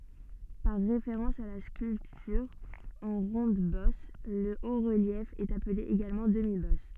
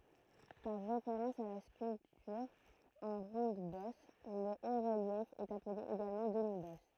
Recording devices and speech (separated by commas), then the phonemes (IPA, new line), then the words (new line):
soft in-ear microphone, throat microphone, read sentence
paʁ ʁefeʁɑ̃s a la skyltyʁ ɑ̃ ʁɔ̃dbɔs lə otʁəljɛf ɛt aple eɡalmɑ̃ dəmibɔs
Par référence à la sculpture en ronde-bosse, le haut-relief est appelé également demi-bosse.